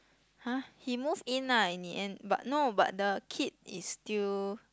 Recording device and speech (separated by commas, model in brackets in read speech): close-talking microphone, conversation in the same room